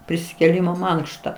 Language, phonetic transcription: Lithuanian, prisikėˈlymo ˈmankšta

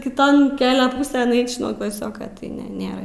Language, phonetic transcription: Lithuanian, kiˈton ˈkelia ˈpūsėn ˈeič' nuo klaˈsioka tai ˈne ˈnėra

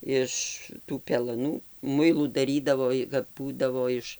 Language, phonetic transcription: Lithuanian, ˈiš tų pelaˈnų ˈmuilų daˈrydavo i kap ˈbūdavo ˈiš

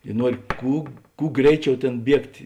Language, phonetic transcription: Lithuanian, i ˈnuori ˈkū ˈkū ˈgreiˌčiau ˈtėn ˈbiegt'

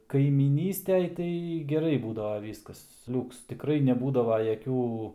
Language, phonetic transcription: Lithuanian, kaimyˈnystej ˈtai geˈrai ˈbūdava ˈvyskas ˈliūks tikˈrai neˈbūdava jaˈkių

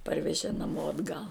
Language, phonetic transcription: Lithuanian, ˈparvežė naˈmo atˈgal

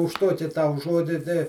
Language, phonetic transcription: Lithuanian, už ˈtuoki ˈtau ˈžuodi ˈtai

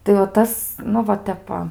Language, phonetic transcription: Lithuanian, tai o ˈtas ˈnu va ˈtep va

